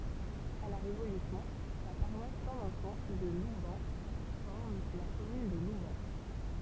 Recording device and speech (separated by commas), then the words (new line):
temple vibration pickup, read sentence
À la Révolution, la paroisse Saint-Vincent de Loubens forme la commune de Loubens.